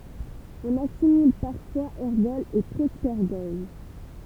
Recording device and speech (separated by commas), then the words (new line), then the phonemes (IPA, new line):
temple vibration pickup, read sentence
On assimile parfois ergols et propergols.
ɔ̃n asimil paʁfwaz ɛʁɡɔlz e pʁopɛʁɡɔl